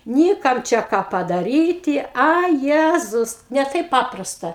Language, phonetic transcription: Lithuanian, ˈny ˈkam ˈčia ˈką padaˈryti ˈa ˈjezus ne ˈtaip ˈpaprasta

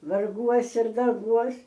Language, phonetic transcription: Lithuanian, varˈguos ir darˈbuos

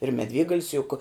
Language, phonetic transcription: Lithuanian, ir meˈdvėgalis juk

